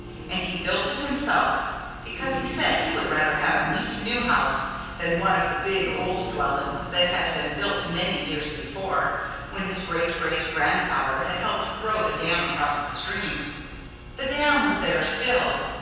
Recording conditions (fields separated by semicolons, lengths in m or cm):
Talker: one person; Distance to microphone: 7.1 m; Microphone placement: far; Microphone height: 1.7 m; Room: very reverberant, large; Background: music